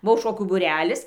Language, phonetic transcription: Lithuanian, ˈbuvo ˈšokių būˈrelis

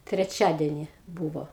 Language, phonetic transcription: Lithuanian, treˈčiadeni ˈbūvo

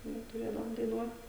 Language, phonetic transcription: Lithuanian, ˈnu tuˈrėdavom daiˈnuot

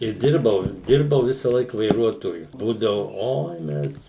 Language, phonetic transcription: Lithuanian, i ˈdirbau ˈdirbau ˈvisalaik vaiˈruotoju ˈbūdavu ˈoi ˈmes

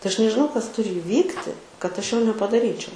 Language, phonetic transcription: Lithuanian, tai ˈaš nežiˈnau kas ˈturi iˈvykti kad ˈaš ˈjo nepadaˈryčiau

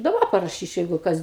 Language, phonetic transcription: Lithuanian, i daˈba paraˈšyčiau jeigu ˈkas

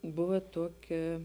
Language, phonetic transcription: Lithuanian, ˈbuva ˈtuoˌkia

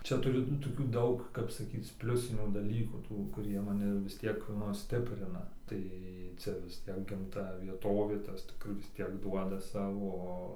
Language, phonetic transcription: Lithuanian, ˈčia ˈturi nu toˈkių ˈdaug kap saˈkyc ˈpliusinių daˈlykų ˈtų kuˈrie maˈni vis ˈtiek ˈnu ˈstiprina ˈtai ˈcia vis ˈtiek ˈgamta vieˈtovė ˈtas ˈkur vis ˈtiek ˈduoda ˈsavo ˈo

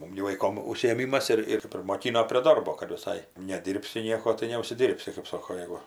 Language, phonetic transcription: Lithuanian, ˈmum gi vaiˈkom užsiėˈmymas ˈir ir primoˈkino prie ˈdarbo kad viˈsai neˈdyrbsi ˈnieko tai neužsiˈdyrbsi kaip ˈsoko ˈjegu

